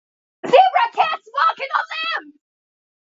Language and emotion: English, fearful